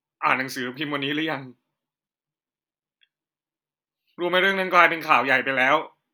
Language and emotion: Thai, sad